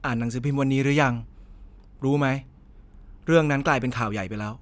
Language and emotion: Thai, frustrated